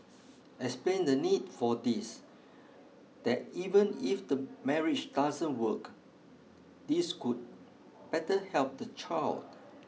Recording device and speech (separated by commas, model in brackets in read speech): mobile phone (iPhone 6), read sentence